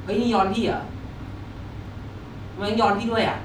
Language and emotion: Thai, angry